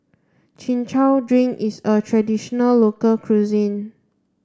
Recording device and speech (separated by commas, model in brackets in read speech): standing microphone (AKG C214), read sentence